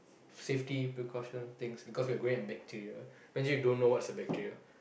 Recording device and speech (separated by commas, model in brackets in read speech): boundary microphone, conversation in the same room